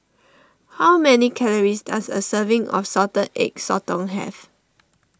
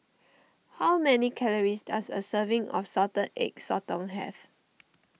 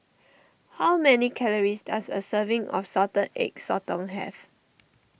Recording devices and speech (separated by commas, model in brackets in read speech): standing microphone (AKG C214), mobile phone (iPhone 6), boundary microphone (BM630), read sentence